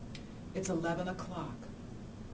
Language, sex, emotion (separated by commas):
English, female, neutral